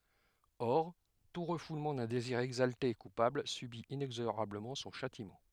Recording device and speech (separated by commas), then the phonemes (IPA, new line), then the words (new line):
headset microphone, read sentence
ɔʁ tu ʁəfulmɑ̃ dœ̃ deziʁ ɛɡzalte e kupabl sybi inɛɡzoʁabləmɑ̃ sɔ̃ ʃatimɑ̃
Or, tout refoulement d'un désir exalté et coupable subit inexorablement son châtiment.